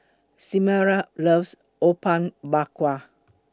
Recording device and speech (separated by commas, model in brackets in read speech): close-talking microphone (WH20), read sentence